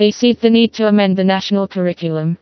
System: TTS, vocoder